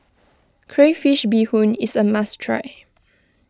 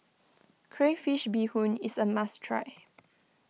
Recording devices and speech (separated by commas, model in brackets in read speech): close-talking microphone (WH20), mobile phone (iPhone 6), read sentence